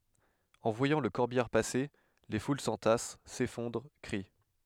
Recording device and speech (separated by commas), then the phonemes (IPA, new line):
headset microphone, read sentence
ɑ̃ vwajɑ̃ lə kɔʁbijaʁ pase le ful sɑ̃tas sefɔ̃dʁ kʁi